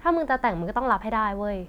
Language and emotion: Thai, frustrated